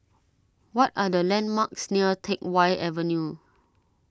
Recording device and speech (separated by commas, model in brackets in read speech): standing microphone (AKG C214), read sentence